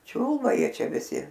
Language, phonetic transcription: Lithuanian, ˈčiūlba ˈjie ˈčia viˈsi

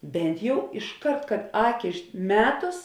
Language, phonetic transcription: Lithuanian, ˈbent jau išˈkart kad ˈaki ˈmetus

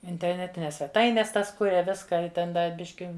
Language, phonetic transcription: Lithuanian, interˈnetines sveˈtaines ˈtas ˈkuria ˈviską i ˈten ˈda ˈbiški

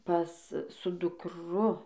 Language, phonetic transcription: Lithuanian, ˈpas su dukˈru

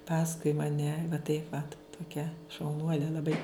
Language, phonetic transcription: Lithuanian, ˈpaskui maˈne tai vat toˈkia šauˈnuole laˈbai

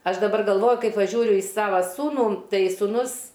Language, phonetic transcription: Lithuanian, ˈaš daˈbar galˈvoju ˈkai paˈžiūriu i ˈsava ˈsūnų ˈtai sūˈnus

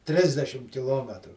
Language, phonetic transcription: Lithuanian, ˈtrisdešim kiˈlometru

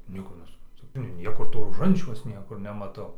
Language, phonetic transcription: Lithuanian, ˈnieko nesupranˈtu ir ˈnieko to roˈžančiaus ˈniekur nemaˈtau

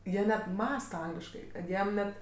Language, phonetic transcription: Lithuanian, ˈjie net ˈmąsta ˈangliškai kad ˈjiem ˈnet

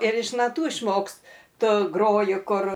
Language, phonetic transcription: Lithuanian, ir iš naˈtų išˈmokstu ˈgroju ˈkur

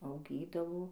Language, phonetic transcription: Lithuanian, auˈgydavo

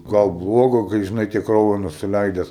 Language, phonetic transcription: Lithuanian, ˈgal ˈbluoga kai žiˈnai ˈtiek ˈkrauju nusiˈleides

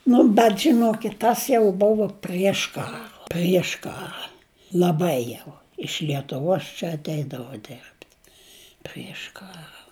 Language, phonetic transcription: Lithuanian, ˈnu bet žiˈnokit ˈtas jau ˈbuvo prieš ˈkara prieš ˈkara laˈbai jau iš lietuˈvos čia atˈeidavo ˈderbt' prieš ˈkara

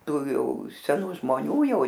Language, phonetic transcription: Lithuanian, ˈtų ˈjau seˈnų žmoˈnių ˈjau

